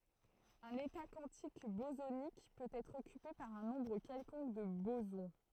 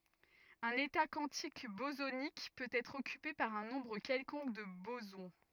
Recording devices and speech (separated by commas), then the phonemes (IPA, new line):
throat microphone, rigid in-ear microphone, read sentence
œ̃n eta kwɑ̃tik bozonik pøt ɛtʁ ɔkype paʁ œ̃ nɔ̃bʁ kɛlkɔ̃k də bozɔ̃